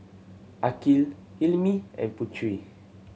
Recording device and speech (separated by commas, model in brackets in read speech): mobile phone (Samsung C7100), read sentence